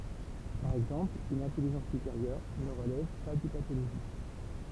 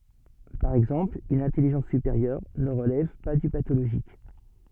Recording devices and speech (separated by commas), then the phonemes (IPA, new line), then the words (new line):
temple vibration pickup, soft in-ear microphone, read sentence
paʁ ɛɡzɑ̃pl yn ɛ̃tɛliʒɑ̃s sypeʁjœʁ nə ʁəlɛv pa dy patoloʒik
Par exemple une intelligence supérieure ne relève pas du pathologique.